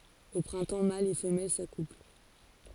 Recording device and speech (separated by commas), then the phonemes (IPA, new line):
forehead accelerometer, read sentence
o pʁɛ̃tɑ̃ malz e fəmɛl sakupl